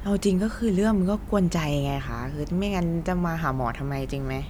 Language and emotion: Thai, frustrated